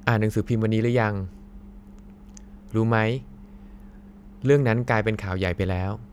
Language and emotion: Thai, neutral